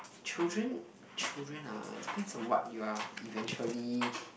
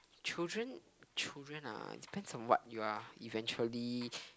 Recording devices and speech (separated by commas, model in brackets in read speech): boundary microphone, close-talking microphone, conversation in the same room